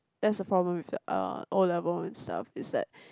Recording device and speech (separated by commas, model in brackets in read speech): close-talking microphone, conversation in the same room